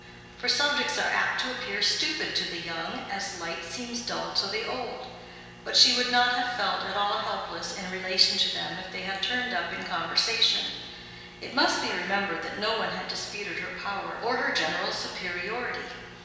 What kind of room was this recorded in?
A large and very echoey room.